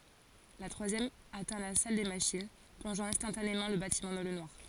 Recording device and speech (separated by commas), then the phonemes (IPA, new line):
forehead accelerometer, read sentence
la tʁwazjɛm atɛ̃ la sal de maʃin plɔ̃ʒɑ̃ ɛ̃stɑ̃tanemɑ̃ lə batimɑ̃ dɑ̃ lə nwaʁ